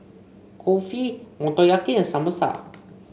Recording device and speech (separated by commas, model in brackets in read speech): mobile phone (Samsung C5), read sentence